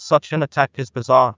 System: TTS, neural waveform model